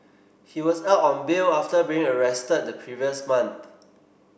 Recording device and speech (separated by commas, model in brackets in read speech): boundary microphone (BM630), read sentence